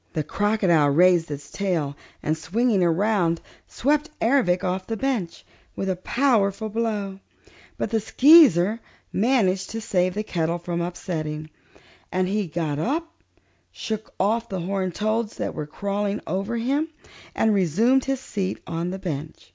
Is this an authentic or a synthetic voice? authentic